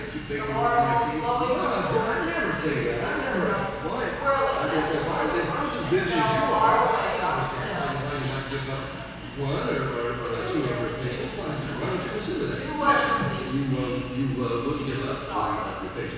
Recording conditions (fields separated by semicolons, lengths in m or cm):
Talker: one person; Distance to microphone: 7.1 m; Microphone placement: far; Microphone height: 1.7 m; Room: very reverberant, large; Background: television